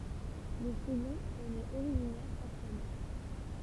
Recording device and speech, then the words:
temple vibration pickup, read sentence
Le second en est originaire par sa mère.

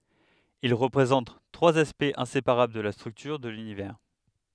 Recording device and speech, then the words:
headset microphone, read sentence
Ils représentent trois aspects inséparables de la structure de l'Univers.

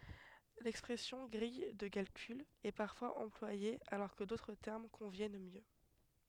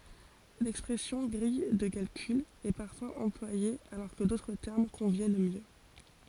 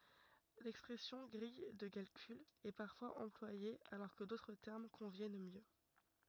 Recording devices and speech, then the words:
headset microphone, forehead accelerometer, rigid in-ear microphone, read sentence
L'expression grille de calcul est parfois employée alors que d'autres termes conviennent mieux.

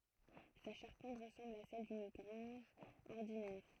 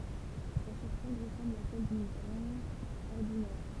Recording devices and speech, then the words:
throat microphone, temple vibration pickup, read sentence
Sa charpente ressemble à celle d'une grange ordinaire.

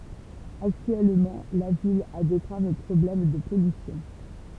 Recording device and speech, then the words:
temple vibration pickup, read sentence
Actuellement, la ville a des graves problèmes de pollution.

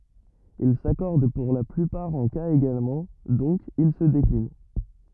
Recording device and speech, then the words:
rigid in-ear microphone, read sentence
Il s'accordent pour la plupart en cas également, donc ils se déclinent.

